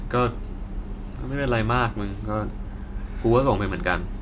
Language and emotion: Thai, frustrated